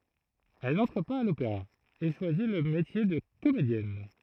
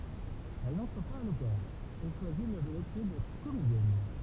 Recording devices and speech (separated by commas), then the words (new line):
throat microphone, temple vibration pickup, read sentence
Elle n'entre pas à l'Opéra et choisi le métier de comédienne.